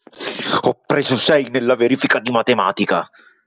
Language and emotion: Italian, angry